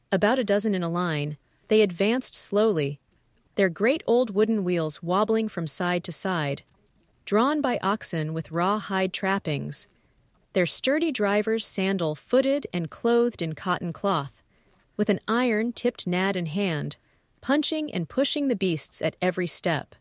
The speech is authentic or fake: fake